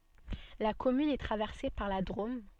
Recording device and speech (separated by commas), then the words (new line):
soft in-ear microphone, read sentence
La commune est traversée par la Drôme.